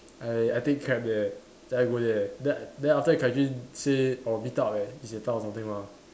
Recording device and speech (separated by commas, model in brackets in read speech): standing microphone, conversation in separate rooms